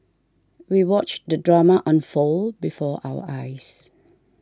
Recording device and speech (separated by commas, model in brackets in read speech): standing microphone (AKG C214), read sentence